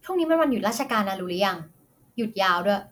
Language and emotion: Thai, frustrated